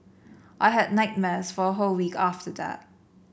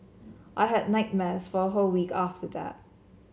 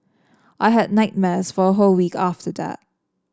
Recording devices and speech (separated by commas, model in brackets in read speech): boundary microphone (BM630), mobile phone (Samsung C7), standing microphone (AKG C214), read sentence